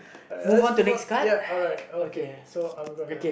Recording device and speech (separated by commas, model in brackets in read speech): boundary microphone, conversation in the same room